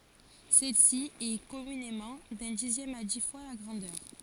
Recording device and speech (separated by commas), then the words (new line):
forehead accelerometer, read sentence
Celle-ci est, communément, d'un dixième à dix fois la grandeur.